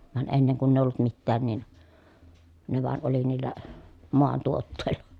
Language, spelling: Finnish, vaan ennen kun ei ollut mitään niin ne vain oli niillä maantuotteilla
- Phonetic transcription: van enneŋ kunn ‿èi ollut mittään nin , ne vàen oli niillä , moantuottèi̮LLA .

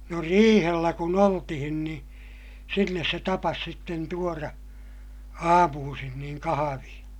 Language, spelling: Finnish, no riihellä kun oltiin niin sinne se tapasi sitten tuoda aamuisin niin kahvia
- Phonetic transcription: no riihellä kun ‿oltihin ni , sinnes se tapas sitten tuora , aamuusin niiŋ kahaviḭ .

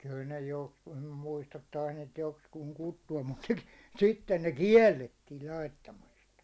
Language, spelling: Finnish, kyllä ne joksikin nyt muista taisi niitä joksikin kutsua mutta sitten ne kiellettiin laittamasta
- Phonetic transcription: kyl ne 'jokskuu nym muistat tais niit 'jokskuuŋ 'kuttu₍am mut , "sitten 'ne "kiɛllettiil 'laittamastᴀ .

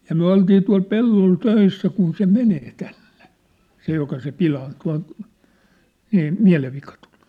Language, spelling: Finnish, ja me oltiin tuolla pellolla töissä kun se menee tänne se joka se - pilaantunut - mielenvika tuli
- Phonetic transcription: ja myä̭ 'oltii tual 'pellol 'töissä kun se "menee 'tänɴᴇ , 'se joka se 'pilaan- , tua̭n̬ , miä̭- , 'miä̭levvika tᴜʟ .

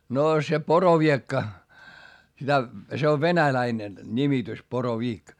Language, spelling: Finnish, noo se poroviekka sitä se on venäläinen nimitys poroviik
- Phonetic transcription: noo se poroviekka , sitä , se ov venäläinen , nimitys poro"viik .

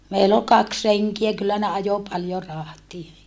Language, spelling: Finnish, meillä oli kaksi renkiä kyllä ne ajoi paljon rahtia
- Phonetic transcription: meill ‿ol kaks reŋkiä kyllä ne ajo paljo rahtie .

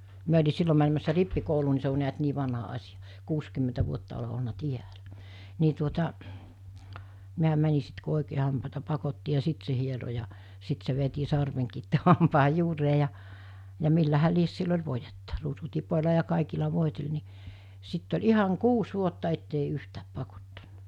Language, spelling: Finnish, minä oli silloin menemässä rippikouluun niin se on näet niin vanha asia kuusikymmentä vuotta olen ollut täällä niin tuota minä menin sitten kun oikein hampaita pakotti ja sitten se hieroi ja sitten se veti sarvenkin tuohon hampaan juureen ja ja millähän lie sillä oli voidetta ruusutipoilla ja kaikilla voiteli niin sitten oli ihan kuusi vuotta että ei yhtään pakottanut
- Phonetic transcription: 'miä oĺi 'sillo mänemässä 'rippi'kouluu ni se o niät 'nii vanha 'as̜ijᴀ , 'kuuskymmentä vuotta ole olna "tiälä , ni tuota , miä 'mäni sit ku 'òikee hampàeta pakotti ja 'sìt se hiero ja , 'sit se veti 'sarveŋkiit t(u)oho 'hampaaj 'juuree ja , ja 'millähä 'lies sill ‿oĺ voijetta , ruusutipol̜a ja 'kàikila 'vòitel ni , 'sitt ‿oĺ 'ihaŋ "kuus 'vuotta ettei 'yhtääp 'pakottannᴀ .

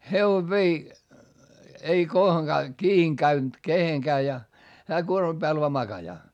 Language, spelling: Finnish, hevonen vei ei kohonkaan kiinni käynyt kehenkään ja hän kuorman päällä vain makaa
- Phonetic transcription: hevov vei , ei kohoŋkaa , kii₍iŋ käynt keheŋkää ja , hää kuormam Bääl vaa makajaa .

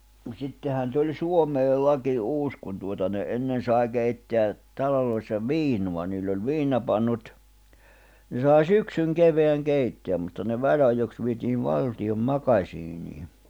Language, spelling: Finnish, mutta sittenhän tuli Suomeen laki uusi kun tuota ne ennen sai keittää taloissa viinaa niillä oli viinapannut ne sai syksyn kevään keittää mutta ne väliajoiksi vietiin valtion makasiiniin
- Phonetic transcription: ᵐᵘᵗ sittehän tuĺ 'Suomeel̆ 'laki 'uus kun tuota ne ’ennen sài 'keitteä , 'taloloissa "viinua niill ‿oĺ viinapannut , ne sài "syksyŋ "keveäŋ "keitteäm mutta ne 'väĺ₍ajoks vietiiv "valti₍om "makaśiinii .

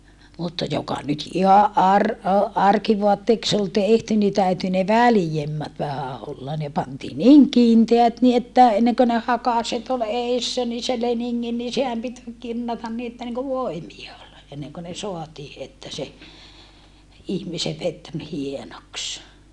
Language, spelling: Finnish, mutta joka nyt ihan - - arkivaatteeksi oli tehty niin täytyi ne väljemmät vähän olla ne pantiin niin kiinteät niin että ennen kuin ne hakaset oli edessä niin se leningin niin sehän piti kinnata niin että niin kuin voimia oli ennen kuin ne saatiin että se ihmisen veti niin hienoksi
- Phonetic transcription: mutta joka nyt ihaʼ ʼar- , o - arkivoatteeks ‿ol tehty ni täyty ne välⁱjemmät vähä olla ne pantii niiŋ kiinteät ni että , enneŋkö ne hakaset ol eissä ni se leniŋŋin ni sehäm pit , kinnatan ni että niŋku voimia ol , enneŋko ne soatii että se , ihmisev vet ni hienoks .

